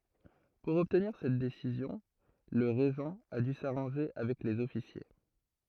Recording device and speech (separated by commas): throat microphone, read sentence